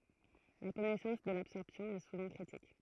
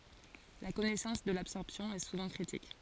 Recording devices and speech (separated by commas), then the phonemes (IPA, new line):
throat microphone, forehead accelerometer, read sentence
la kɔnɛsɑ̃s də labsɔʁpsjɔ̃ ɛ suvɑ̃ kʁitik